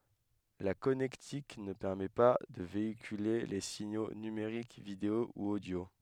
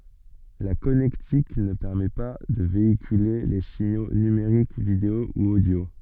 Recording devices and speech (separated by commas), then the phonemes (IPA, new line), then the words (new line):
headset microphone, soft in-ear microphone, read sentence
la kɔnɛktik nə pɛʁmɛ pa də veikyle le siɲo nymeʁik video u odjo
La connectique ne permet pas de véhiculer les signaux numériques vidéo ou audio.